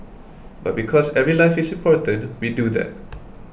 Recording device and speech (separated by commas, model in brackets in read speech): boundary microphone (BM630), read sentence